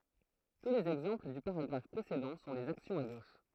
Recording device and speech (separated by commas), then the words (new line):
throat microphone, read sentence
Tous les exemples du paragraphe précédent sont des actions à gauche.